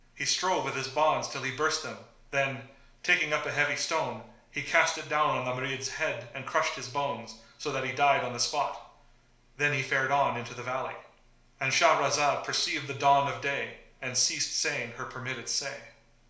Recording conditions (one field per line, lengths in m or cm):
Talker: one person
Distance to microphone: 1.0 m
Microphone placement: close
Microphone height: 1.1 m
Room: small (3.7 m by 2.7 m)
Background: none